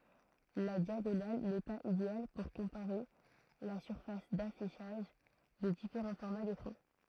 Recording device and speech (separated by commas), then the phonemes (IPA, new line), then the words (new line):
throat microphone, read sentence
la djaɡonal nɛ paz ideal puʁ kɔ̃paʁe la syʁfas dafiʃaʒ de difeʁɑ̃ fɔʁma dekʁɑ̃
La diagonale n'est pas idéale pour comparer la surface d'affichage des différents formats d'écrans.